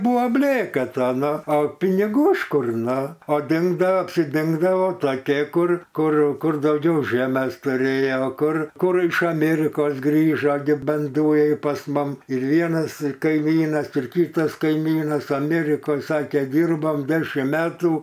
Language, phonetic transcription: Lithuanian, ˈbūva ˈblėka ˈta ˈno o piniˈgų iš ˈkur ˈno o ˈdingdao apsiˈdingdavo toˈkie ˈkur ˈkur ˈkur dauˈgiau ˈžemes tuˈrėjo ˈkur ˈkur iš aˈmėrikos ˈgrižo gi ˈban ˈdujai pas ˈmum ir ˈvienas kaiˈmynas ir ˈkytas kaiˈmynas aˈmėrikoj ˈsakė ˈdyrbom ˈdešim ˈmetų

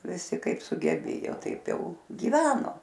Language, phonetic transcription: Lithuanian, viˈsi ˈkaip sugeˈbėjo ˈtaip ˈjau gyˈveno

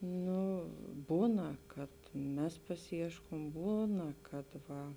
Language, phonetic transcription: Lithuanian, ˈnu ˈbūna kad ˈmes pasiˈieškom ˈbūna kad ˈva

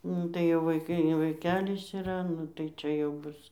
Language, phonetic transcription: Lithuanian, ˈnu tai jau vaiˈkai gi vaiˈkelis iˈra ˈnu tai ˈčia jau ˈbus

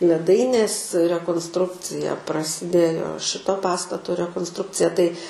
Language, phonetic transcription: Lithuanian, leˈdainės rekonsˈtrukcija prasiˈdėjo ˈšito ˈpastato rekonsˈtrukcija tai

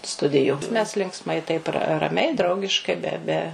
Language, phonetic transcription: Lithuanian, ˈstudiju mes linkˈsmai taip ra raˈmiai ˈdraugiškai ˈbe ˈbe

